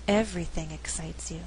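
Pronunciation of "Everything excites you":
The emphasis falls on the word 'everything'.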